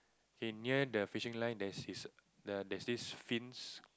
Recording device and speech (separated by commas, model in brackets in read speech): close-talking microphone, conversation in the same room